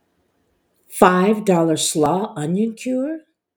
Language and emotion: English, fearful